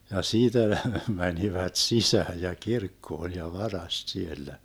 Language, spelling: Finnish, ja siitä ne menivät sisään ja kirkkoon ja varasti siellä
- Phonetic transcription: ja "siitä ne 'mänivät "sisääj ja "kirkkoon̬ ja "varast 'siellä .

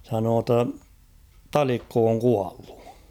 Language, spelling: Finnish, sanoi että on Talikko on kuollut
- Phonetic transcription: sanoo ‿tt ‿on̬ , » "Talikko oŋ 'kuallᴜ . «

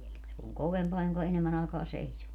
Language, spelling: Finnish, se on kovempaa jonka enemmän aikaa seisoo
- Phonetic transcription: se oŋ 'kovempaa joŋka 'enemmän ‿àekaa 'seiśuu .

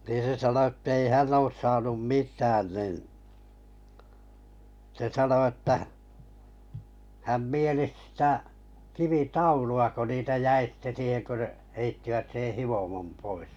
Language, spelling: Finnish, niin se sanoi että ei hän ole saanut mitään niin se sanoi että hän mielisi sitä kivitaulua kun niitä jäi sitten siihen kun heittivät sen hiomon pois
- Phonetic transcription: niin̬ se sano ᴇttei 'hänn ‿oos saanum 'mit̀ään nin , se 'sano että , häm 'mielis sⁱtä , 'kivi"taulu₍a ko niitä 'jäi sⁱtte siiheŋ kö , 'heittivät sen̬ 'hivomom 'pois .

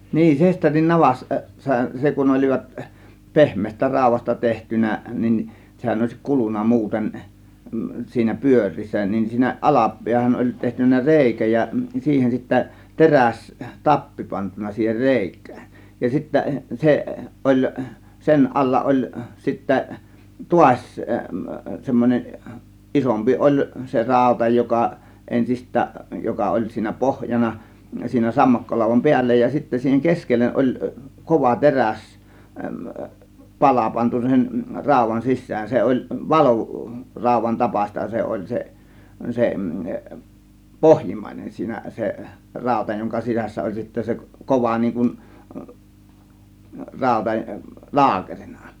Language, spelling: Finnish, niin sesterin - navassa se kun olivat pehmeästä raudasta tehty niin sehän olisi kulunut muuten siinä pyöreässä niin siinä - alapäähän oli tehty reikä ja siihen sitten - terästappi pantu siihen reikään ja sitten se oli sen alla oli sitten taas semmoinen isompi oli se rauta joka ensistään joka oli siinä pohjana siinä sammakkolaudan päällä ja sitten siihen keskelle oli kova - teräspala pantu sen raudan sisään se oli - valuraudan tapaista se oli se se pohjimmainen siinä se rauta jonka sisässä oli sitten se kova niin kuin rauta laakerina
- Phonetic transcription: niin 'sesterin 'navas- , -sa 'se kun 'ol͕ivat , "pehm̀eestä "ráȯv̆vasta 'tehtynä nin , 'sehän òėsi "kulun̆na 'muuten , siinä 'pyöŕ̆riissä nin siinä 'ˀala- , 'piähän oĺ tehtyn̆nä "rèikä ja , 'siihen sittä "teräs- , "tappi pantun̆na 'siiher "rè̬ik̆kÄÄN , 'ja , sittä 'seˀ , ˀoĺ , 'sen ˀalla 'ˀoĺ sittä , "tuas͕ , 'semmon͕en , 'ˀisompi "ˀoĺ se "ràȯta joka , 'ˀensist̆tääˀ , 'joka oĺ siinä "pohjana , siinä 'sammakkolàȯv̆vam "piällä ja , sittä siiheŋ "keskellen§ ˀoĺ , 'kova "teräs- , "pala pantu sen , 'ràȯv̆van "sissään , 'se oĺ "valu- , "ràȯv̆van 'tapaśta se oĺ 'se , se , "pohjimmàinen siinä , 'se , 'ràȯta joŋka 'sisässä oĺ sittä se "kova niiŋ kun , 'ràȯta , "laakerINA .

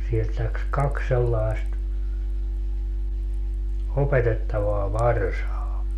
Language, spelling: Finnish, sieltä lähti kaksi sellaista opetettavaa varsaa
- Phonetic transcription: sielt läks "kaks sellaist , 'opetettavaa "varsaa .

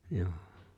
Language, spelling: Finnish, joo
- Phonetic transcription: 'Njoo .

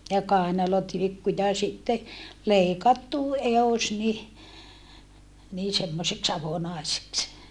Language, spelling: Finnish, ja kainalotilkku ja sitten leikattu edus niin niin semmoiseksi avonaiseksi
- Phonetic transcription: ja kàenalotilikku ja sitte , lèikattu , eos ni , nii semmoseks avonàeseks .

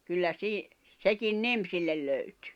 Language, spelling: Finnish, kyllä - sekin nimi sille löytyi
- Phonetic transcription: kyllä sii- , sekin "nim sillel 'löytʏ .

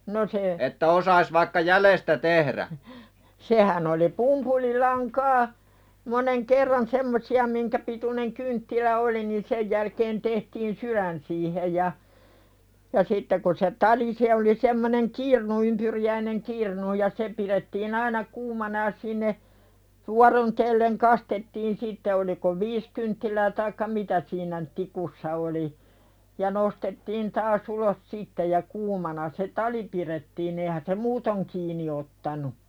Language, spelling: Finnish, no se sehän oli pumpulilankaa monen kerran semmoisia minkä pituinen kynttilä oli niin sen jälkeen tehtiin sydän siihen ja ja sitten kun se tali se oli semmoinen kirnu ympyriäinen kirnu ja se pidettiin aina kuumana ja sinne - vuorotellen kastettiin sitten oliko viisi kynttilää taikka mitä siinä - tikussa oli ja nostettiin taas ulos sitten ja kuumana se tali pidettiin eihän se muuten kiinni ottanut
- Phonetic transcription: no se , 'sehän ‿oli "pumpulilaŋkaa , moneŋ 'kerran "semmosi₍a miŋkä pituneŋ 'kynttilä "oli ni 'sej jälkeen tehtiin "syðän siihej ja , ja 'sitte ku se "tali se oli semmoneŋ "kirnu ympyri-jäineŋ "kirnu ja 'se piðettiin ‿aina "kuumana ja sinne , 'vuaron '-telleŋ "kastettiin sitte oliko "viis kynttilää taikka 'mitä siinä n- , 'tikussa oli , ja nostettiin taas 'ulos "sitte ja 'kuumana se "tali piðettiin ‿eihän se "muutoŋ kiini ottanu .

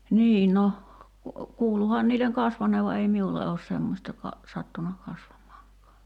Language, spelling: Finnish, niin no kuuluihan niille kasvaneen vaan ei minulle ole semmoista - sattunut kasvamaankaan
- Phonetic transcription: "nii 'no , 'kuuluhan niileŋ "kasvaǹeev va ei 'miulle oos 'semmośta ka- , 'sattuna kasvam̀aaŋk̀aa .

